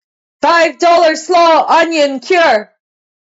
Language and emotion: English, neutral